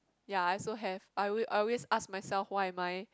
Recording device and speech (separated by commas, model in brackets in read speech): close-talking microphone, conversation in the same room